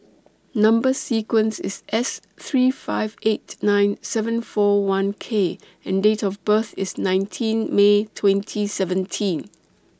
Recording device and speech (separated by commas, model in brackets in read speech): standing microphone (AKG C214), read sentence